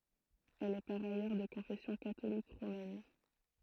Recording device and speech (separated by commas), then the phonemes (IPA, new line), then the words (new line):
throat microphone, read sentence
ɛl ɛ paʁ ajœʁ də kɔ̃fɛsjɔ̃ katolik ʁomɛn
Elle est par ailleurs de confession catholique romaine.